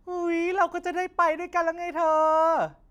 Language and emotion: Thai, happy